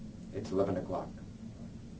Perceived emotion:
neutral